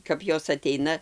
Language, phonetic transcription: Lithuanian, kap ˈjos aˈteina

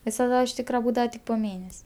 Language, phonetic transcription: Lithuanian, visaˈda iš ˈtykra ˈbūdava tik po ˈmėnes'

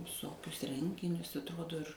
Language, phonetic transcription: Lithuanian, viˈsokius ˈrenginius atˈrodo ir

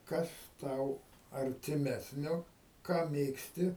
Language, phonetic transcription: Lithuanian, ˈkas ˈtau artiˈmesnio ˈką ˈmėgsti

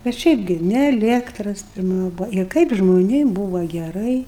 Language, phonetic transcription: Lithuanian, bet ˈšiaip gi ni eˈliektras pirˈma ˈbuvo ir ˈkaip žmoˈnėm ˈbūva geˈrai

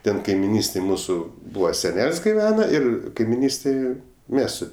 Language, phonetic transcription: Lithuanian, ˈten kaimiˈnystėj ˈmūsu ˈbūva seˈnel's' giˈvena ir kaimiˈnystėj ˈmes su

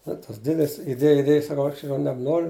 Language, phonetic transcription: Lithuanian, ˈnu tas ˈdėdis iˈdėj iˈdėj saˈkau ˈaš jau nebˈnoriu

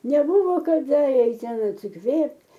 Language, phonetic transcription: Lithuanian, neˈbūvo kaˈda ˈeit ˈten atsiˈkvėpt'

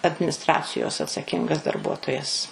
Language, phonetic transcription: Lithuanian, adminisˈtracijos atsaˈkingas darˈbuotojas

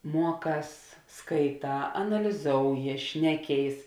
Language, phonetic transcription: Lithuanian, ˈmuoˌkās skaiˈtā analiˈzouji ˈšneˌkėis

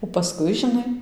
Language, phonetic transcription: Lithuanian, o paˈskui žiˈnai

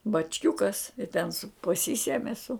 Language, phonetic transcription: Lithuanian, bačˈkiukas i ten su paˈsysemi su

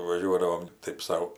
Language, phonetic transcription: Lithuanian, vaˈžiuodavom ˈtaip ˈsau

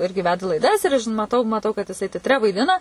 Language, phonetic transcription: Lithuanian, ˈirgi ˈveda laiˈdas ir aš maˈtau maˈtau kad jiˈsai tetˈre vaiˈdina

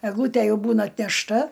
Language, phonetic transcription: Lithuanian, egˈlūtæ ˈjau ˈbūna atnešˈta

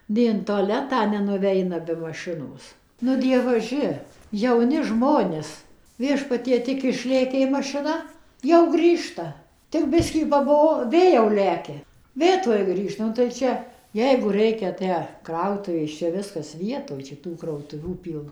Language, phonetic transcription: Lithuanian, nei in toˈletą nenuˈveina be maˈšinos ˈnu dievaˈži jauˈni ˈžmonės ˈviešpatie tik išˈlėkė mašiˈna jau ˈgrįžta tik ˈbiskį paˈbuo ˈvė jau ˈlekia ˈvė ˈtuoj ˈgrįžta ˌnu tai ˈčia ˈjeigu ˈreikia ˈtę ˈkrautuvės ˈčia ˈviskas ˈvietoj ˈčia ˈtų krautuˈvių ˈpyl

